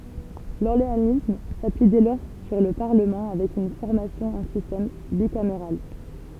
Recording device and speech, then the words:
temple vibration pickup, read sentence
L’orléanisme s’appuie dès lors sur le Parlement avec une formation en système bicaméral.

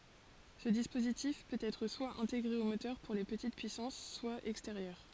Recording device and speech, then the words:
forehead accelerometer, read sentence
Ce dispositif peut être soit intégré au moteur, pour les petites puissances, soit extérieur.

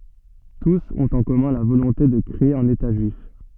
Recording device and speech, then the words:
soft in-ear microphone, read sentence
Tous ont en commun la volonté de créer un État juif.

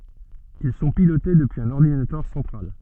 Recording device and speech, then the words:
soft in-ear microphone, read sentence
Ils sont pilotés depuis un ordinateur central.

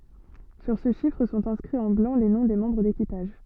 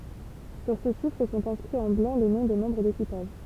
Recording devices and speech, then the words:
soft in-ear microphone, temple vibration pickup, read sentence
Sur ce chiffre sont inscrits en blanc les noms des membres d'équipage.

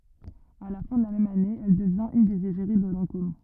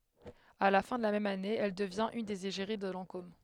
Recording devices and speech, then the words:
rigid in-ear microphone, headset microphone, read sentence
À la fin de la même année, elle devient une des égéries de Lancôme.

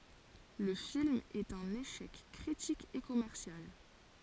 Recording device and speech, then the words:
forehead accelerometer, read sentence
Le film est un échec critique et commercial.

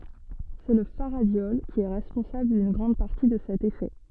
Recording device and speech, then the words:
soft in-ear microphone, read sentence
C'est le faradiol qui est responsable d'une grande partie de cet effet.

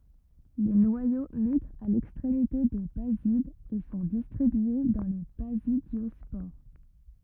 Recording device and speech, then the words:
rigid in-ear microphone, read sentence
Les noyaux migrent à l’extrémité des basides et sont distribués dans les basidiospores.

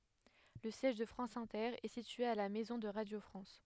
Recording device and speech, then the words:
headset microphone, read sentence
Le siège de France Inter est situé à la Maison de Radio France.

